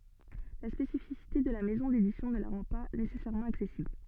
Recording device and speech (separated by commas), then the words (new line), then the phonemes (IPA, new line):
soft in-ear microphone, read sentence
La spécificité de la maison d'édition ne la rend pas nécessairement accessible.
la spesifisite də la mɛzɔ̃ dedisjɔ̃ nə la ʁɑ̃ pa nesɛsɛʁmɑ̃ aksɛsibl